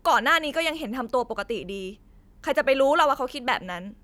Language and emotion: Thai, angry